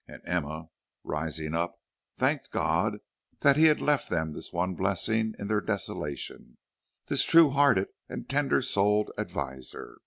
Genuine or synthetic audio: genuine